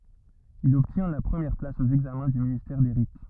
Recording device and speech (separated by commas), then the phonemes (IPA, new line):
rigid in-ear microphone, read sentence
il ɔbtjɛ̃ la pʁəmjɛʁ plas o ɛɡzamɛ̃ dy ministɛʁ de ʁit